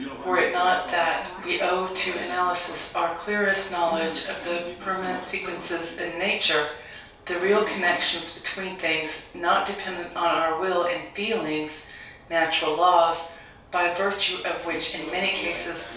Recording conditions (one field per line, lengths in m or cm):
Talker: one person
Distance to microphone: 3.0 m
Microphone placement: far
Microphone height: 1.8 m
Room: small (3.7 m by 2.7 m)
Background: television